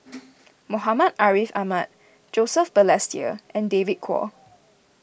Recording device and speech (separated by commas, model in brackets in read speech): boundary microphone (BM630), read sentence